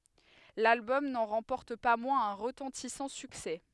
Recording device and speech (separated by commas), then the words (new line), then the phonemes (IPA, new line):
headset microphone, read sentence
L'album n'en remporte pas moins un retentissant succès.
lalbɔm nɑ̃ ʁɑ̃pɔʁt pa mwɛ̃z œ̃ ʁətɑ̃tisɑ̃ syksɛ